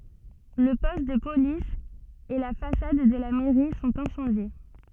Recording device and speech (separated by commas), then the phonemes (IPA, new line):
soft in-ear microphone, read sentence
lə pɔst də polis e la fasad də la mɛʁi sɔ̃t ɛ̃sɑ̃dje